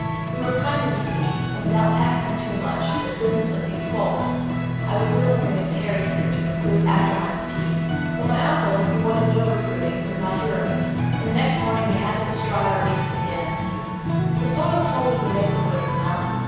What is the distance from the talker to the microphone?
7.1 m.